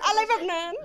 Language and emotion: Thai, happy